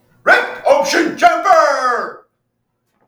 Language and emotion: English, happy